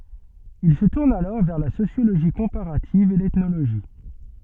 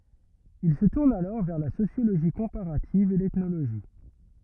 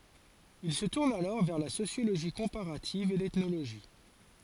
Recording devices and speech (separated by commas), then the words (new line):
soft in-ear microphone, rigid in-ear microphone, forehead accelerometer, read sentence
Il se tourne alors vers la sociologie comparative et l'ethnologie.